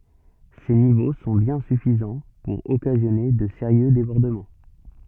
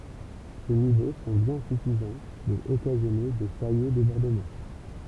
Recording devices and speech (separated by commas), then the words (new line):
soft in-ear microphone, temple vibration pickup, read sentence
Ces niveaux sont bien suffisants pour occasionner de sérieux débordements.